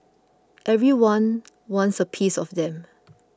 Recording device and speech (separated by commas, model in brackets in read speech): close-talking microphone (WH20), read sentence